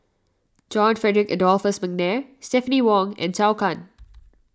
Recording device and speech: standing microphone (AKG C214), read sentence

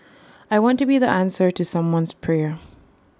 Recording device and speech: standing microphone (AKG C214), read sentence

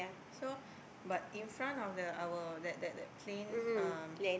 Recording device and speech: boundary microphone, conversation in the same room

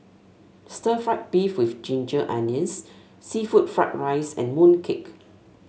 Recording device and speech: mobile phone (Samsung S8), read sentence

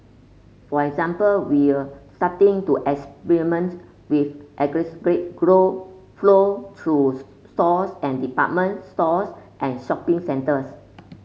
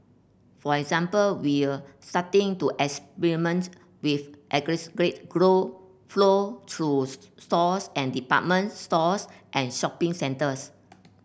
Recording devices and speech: mobile phone (Samsung C5), boundary microphone (BM630), read sentence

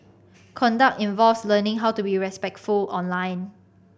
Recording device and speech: boundary microphone (BM630), read sentence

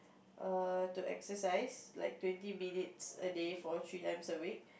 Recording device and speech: boundary microphone, conversation in the same room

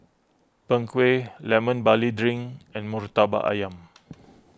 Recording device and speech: close-talking microphone (WH20), read sentence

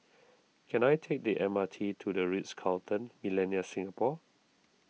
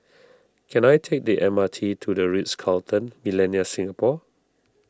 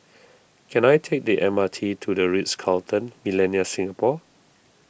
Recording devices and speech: mobile phone (iPhone 6), standing microphone (AKG C214), boundary microphone (BM630), read sentence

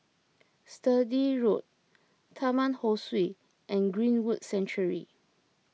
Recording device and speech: mobile phone (iPhone 6), read sentence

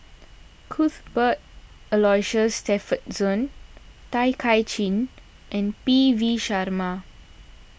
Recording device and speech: boundary microphone (BM630), read sentence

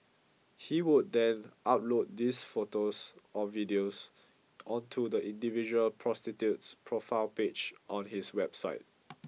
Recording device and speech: mobile phone (iPhone 6), read sentence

